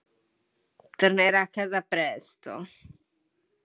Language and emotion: Italian, disgusted